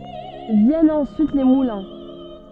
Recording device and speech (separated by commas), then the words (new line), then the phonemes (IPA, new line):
soft in-ear microphone, read sentence
Viennent ensuite les moulins.
vjɛnt ɑ̃syit le mulɛ̃